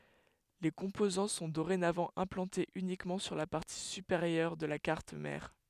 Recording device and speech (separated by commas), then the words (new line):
headset microphone, read sentence
Les composants sont dorénavant implantés uniquement sur la partie supérieure de la carte mère.